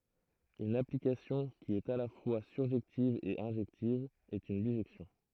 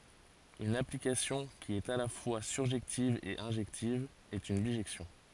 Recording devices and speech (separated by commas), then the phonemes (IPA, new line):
throat microphone, forehead accelerometer, read sentence
yn aplikasjɔ̃ ki ɛt a la fwa syʁʒɛktiv e ɛ̃ʒɛktiv ɛt yn biʒɛksjɔ̃